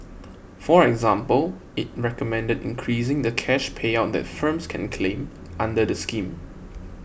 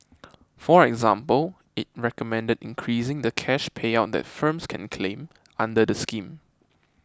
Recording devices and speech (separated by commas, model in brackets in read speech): boundary microphone (BM630), close-talking microphone (WH20), read sentence